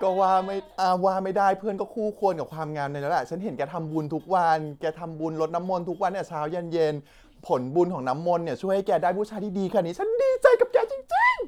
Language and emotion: Thai, happy